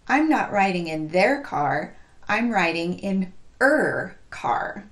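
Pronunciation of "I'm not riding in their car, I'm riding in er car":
This is pronounced incorrectly: in 'I'm riding in her car', the initial h sound of 'her' is dropped, even though 'her' needs emphasis to show whose car it is.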